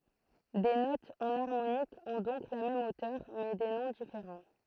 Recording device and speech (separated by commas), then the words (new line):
throat microphone, read sentence
Des notes enharmoniques ont donc la même hauteur, mais des noms différents.